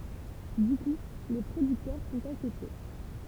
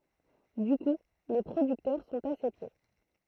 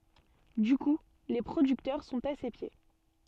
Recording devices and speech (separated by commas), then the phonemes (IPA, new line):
temple vibration pickup, throat microphone, soft in-ear microphone, read sentence
dy ku le pʁodyktœʁ sɔ̃t a se pje